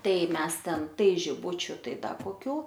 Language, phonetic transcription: Lithuanian, ˈtai ˈmes ˈten ˈtai žiˈbučiu ˈtai ˈda koˈkių

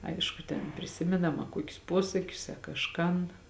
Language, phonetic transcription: Lithuanian, ˈaišku ten priˈsimėnam a ˈkuokius ˈpuosakius a kažˈkan

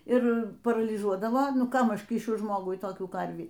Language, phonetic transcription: Lithuanian, ir paralyˈžuodavo ˈkam ˈaš ˈkyšiu ˈžmogui toˈkių ˈkarvį

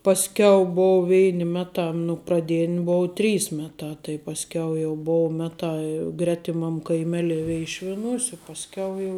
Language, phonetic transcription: Lithuanian, pasˈkiau ˈbou ˈvein' ˈmeˌtā nu praˈdėn' ˈbou ˈtrys ˈmeˌtā tai pasˈkiau jau ˈbou ˈmetā i ˈgretimam kaiˈmelei ˈveišvinūs' i pasˈkiau jau

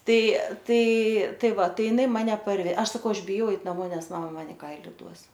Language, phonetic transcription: Lithuanian, ˈtai ˈtai ˈtai ˈva ˈtai jiˈnai ˈmane parˈve ˈaš saˈkau ˈaš biˈjau ˈeit naˈmo ˈnes mama ˈman i ˈkaili ˈduos

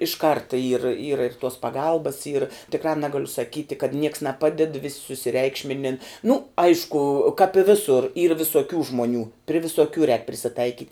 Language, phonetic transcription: Lithuanian, iš ˈkarta yr yra ir tuos paˈgalbas yr tikˈrā ˈnegaliu saˈkyti kad ˈnieks neˈpaded vis' susiˈreikšminin nu ˈaišku kāp i ˈvisur yr visuoˈkių žmuoˈnių pri visuoˈkių rēk prisiˈtaikyt'

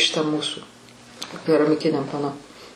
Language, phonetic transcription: Lithuanian, šiˈta ˈmūsu keramiˈkiniam paˈno

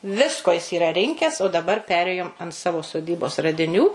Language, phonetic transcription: Lithuanian, ˈvisko jis yˈra ˈrinkes o daˈbar ˈperėjom ant ˈsavo soˈdybos radiˈnių

